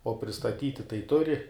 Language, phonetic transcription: Lithuanian, o pristaˈtyti tai ˈturi

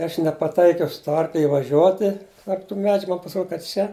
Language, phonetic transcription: Lithuanian, i ˈaš nepaˈtaikiau su ˈtuo ˈarkli ivaˈžiuoti tarp tų ˈmedžiu ˈman pasiˈrod' ka ˈčia

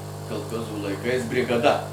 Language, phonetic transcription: Lithuanian, kalˈchozų laiˈkais brigaˈda

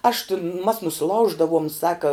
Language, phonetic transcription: Lithuanian, aš tin mas nusiˈlauždavum ˈsaka

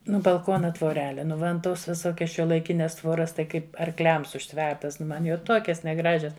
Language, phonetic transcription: Lithuanian, ˈnu balˈkona tvoˈrele ˈnu ˈman ˈtos viˈsokias šiuolaiˈkines ˈtvoras tai ˈkaip arˈkliams užˈtvertas ˈman jau ˈtokias neˈgražias

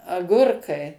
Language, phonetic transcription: Lithuanian, aˈgurkai

